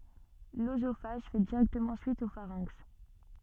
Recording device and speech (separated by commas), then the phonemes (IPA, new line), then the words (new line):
soft in-ear microphone, read sentence
løzofaʒ fɛ diʁɛktəmɑ̃ syit o faʁɛ̃ks
L'œsophage fait directement suite au pharynx.